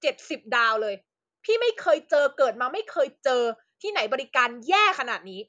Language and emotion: Thai, angry